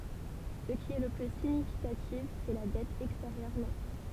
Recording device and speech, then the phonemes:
temple vibration pickup, read sentence
sə ki ɛ lə ply siɲifikatif sɛ la dɛt ɛksteʁjœʁ nɛt

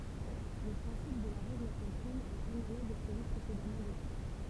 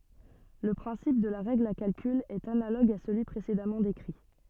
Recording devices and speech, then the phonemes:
temple vibration pickup, soft in-ear microphone, read sentence
lə pʁɛ̃sip də la ʁɛɡl a kalkyl ɛt analoɡ a səlyi pʁesedamɑ̃ dekʁi

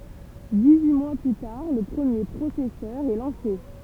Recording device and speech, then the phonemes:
temple vibration pickup, read sentence
dis yi mwa ply taʁ lə pʁəmje pʁosɛsœʁ ɛ lɑ̃se

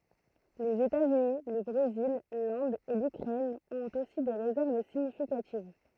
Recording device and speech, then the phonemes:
throat microphone, read sentence
lez etaz yni lə bʁezil lɛ̃d e lykʁɛn ɔ̃t osi de ʁezɛʁv siɲifikativ

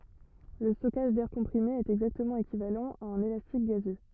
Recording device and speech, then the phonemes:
rigid in-ear microphone, read sentence
lə stɔkaʒ dɛʁ kɔ̃pʁime ɛt ɛɡzaktəmɑ̃ ekivalɑ̃ a œ̃n elastik ɡazø

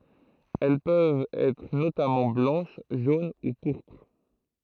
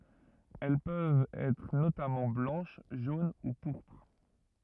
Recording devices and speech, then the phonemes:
throat microphone, rigid in-ear microphone, read sentence
ɛl pøvt ɛtʁ notamɑ̃ blɑ̃ʃ ʒon u puʁpʁ

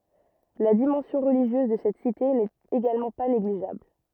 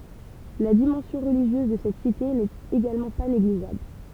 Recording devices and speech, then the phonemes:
rigid in-ear microphone, temple vibration pickup, read sentence
la dimɑ̃sjɔ̃ ʁəliʒjøz də sɛt site nɛt eɡalmɑ̃ pa neɡliʒabl

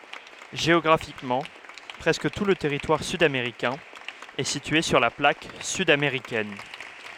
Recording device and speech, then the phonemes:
headset microphone, read sentence
ʒeɔɡʁafikmɑ̃ pʁɛskə tu lə tɛʁitwaʁ syd ameʁikɛ̃ ɛ sitye syʁ la plak syd ameʁikɛn

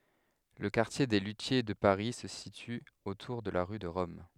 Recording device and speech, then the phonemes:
headset microphone, read sentence
lə kaʁtje de lytje də paʁi sə sity otuʁ də la ʁy də ʁɔm

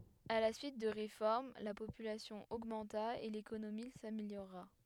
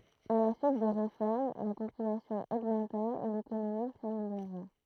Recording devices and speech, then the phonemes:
headset microphone, throat microphone, read sentence
a la syit də ʁefɔʁm la popylasjɔ̃ oɡmɑ̃ta e lekonomi sameljoʁa

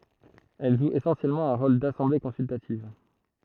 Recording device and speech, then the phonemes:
throat microphone, read sentence
ɛl ʒu esɑ̃sjɛlmɑ̃ œ̃ ʁol dasɑ̃ble kɔ̃syltativ

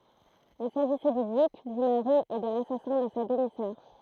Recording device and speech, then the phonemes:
throat microphone, read sentence
il saʒisɛ dy dyk dy maʁi e də lasasɛ̃ də sa dəmi sœʁ

